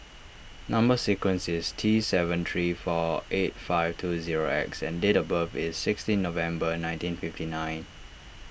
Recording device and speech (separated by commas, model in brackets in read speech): boundary microphone (BM630), read sentence